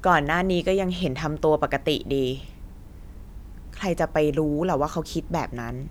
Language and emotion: Thai, frustrated